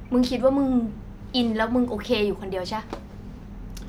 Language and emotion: Thai, frustrated